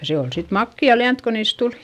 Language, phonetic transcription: Finnish, ja se ol sit makki₍a liänt ko niis tul .
- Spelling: ja se oli sitten makeaa lientä kun niistä tuli

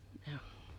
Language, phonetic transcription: Finnish, ᴊᴀ ,.
- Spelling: ja

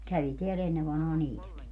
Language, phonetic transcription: Finnish, 'kävi teä'l ‿enne vanhaa "niitäki .
- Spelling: kävi täällä ennen vanhaan niitäkin

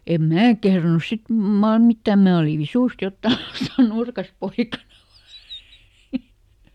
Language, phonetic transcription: Finnish, ˈem "mää kehranus ˈsit , maar ˈmittä̀m ˈmää olì "visùst (ˈjottaa ˈaikaa) "nurkas ˈpoikana vAA .
- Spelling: en minä kehdannut sitten mar mitään minä olin visusti jotakin aikaa nurkassa poikana vain

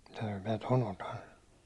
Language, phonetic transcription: Finnish, » mitä jos mä ton 'otan « (sᴀɴᴏ) .
- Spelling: mitä jos minä tuon otan sanoi

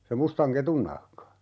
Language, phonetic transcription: Finnish, se 'mustaŋ "ketun 'nahka .
- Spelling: se mustan ketun nahka

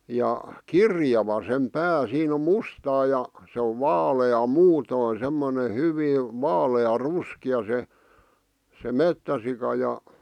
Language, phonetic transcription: Finnish, 'ja , "kirjava sem "pää 'siin ‿om̆ 'mustaa ja , se ov 'vaale₍a "muutòⁱn̬ 'semmone "hyvii , 'vaale₍a 'ruski₍a se , se "mettäsika ja ,.
- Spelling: ja kirjava sen pää siinä on mustaa ja se on vaalea muuten semmoinen hyvin vaalean ruskea se se metsäsika ja

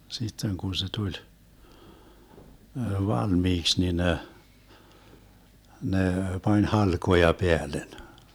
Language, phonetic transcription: Finnish, 'sitteŋ kun̬ se 'tuĺ , "valmiiks ni 'ne , 'ne 'pań "halkoja 'peälen .
- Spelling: sitten kun se tuli valmiiksi niin ne ne pani halkoja päälle

